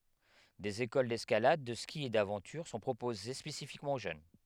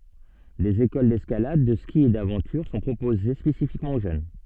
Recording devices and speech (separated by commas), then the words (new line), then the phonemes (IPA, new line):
headset microphone, soft in-ear microphone, read sentence
Des écoles d’escalade, de ski et d’aventure sont proposées spécifiquement aux jeunes.
dez ekol dɛskalad də ski e davɑ̃tyʁ sɔ̃ pʁopoze spesifikmɑ̃ o ʒøn